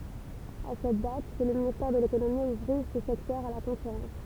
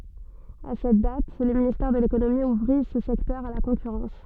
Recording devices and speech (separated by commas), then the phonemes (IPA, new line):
temple vibration pickup, soft in-ear microphone, read sentence
a sɛt dat lə ministɛʁ də lekonomi uvʁi sə sɛktœʁ a la kɔ̃kyʁɑ̃s